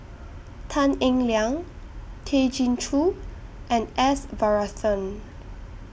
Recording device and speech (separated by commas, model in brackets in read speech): boundary microphone (BM630), read sentence